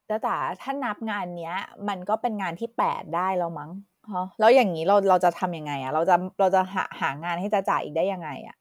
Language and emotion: Thai, frustrated